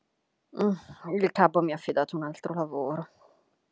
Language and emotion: Italian, disgusted